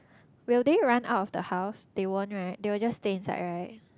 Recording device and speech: close-talking microphone, conversation in the same room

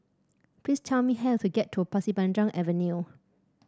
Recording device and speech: standing microphone (AKG C214), read sentence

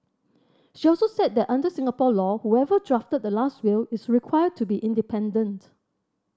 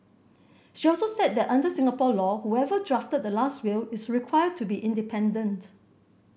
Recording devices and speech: standing microphone (AKG C214), boundary microphone (BM630), read sentence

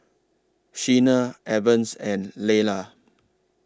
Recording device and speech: standing microphone (AKG C214), read sentence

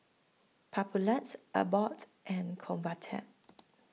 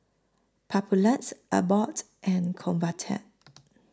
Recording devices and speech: mobile phone (iPhone 6), close-talking microphone (WH20), read sentence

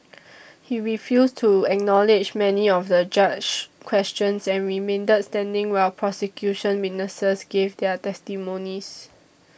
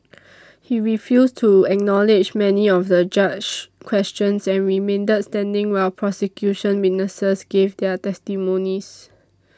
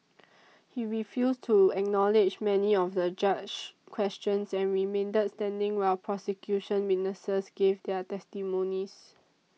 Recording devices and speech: boundary microphone (BM630), standing microphone (AKG C214), mobile phone (iPhone 6), read sentence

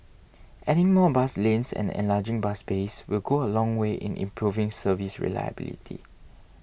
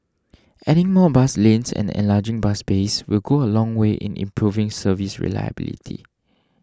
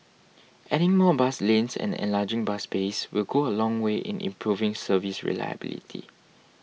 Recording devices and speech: boundary microphone (BM630), standing microphone (AKG C214), mobile phone (iPhone 6), read sentence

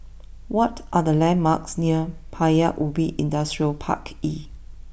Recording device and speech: boundary microphone (BM630), read sentence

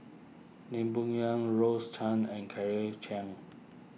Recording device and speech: mobile phone (iPhone 6), read sentence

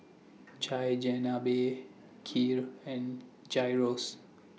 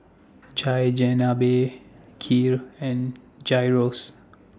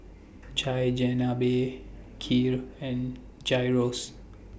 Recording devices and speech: mobile phone (iPhone 6), standing microphone (AKG C214), boundary microphone (BM630), read sentence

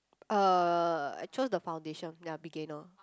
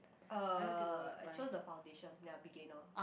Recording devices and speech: close-talking microphone, boundary microphone, conversation in the same room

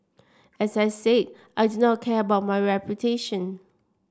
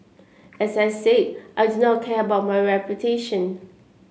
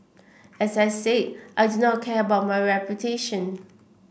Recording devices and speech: standing microphone (AKG C214), mobile phone (Samsung C7), boundary microphone (BM630), read sentence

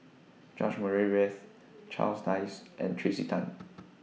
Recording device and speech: mobile phone (iPhone 6), read sentence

